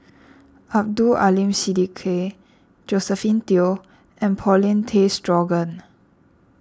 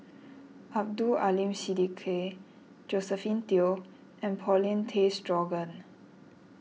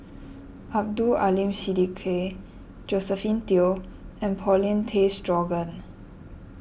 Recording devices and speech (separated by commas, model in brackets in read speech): standing microphone (AKG C214), mobile phone (iPhone 6), boundary microphone (BM630), read sentence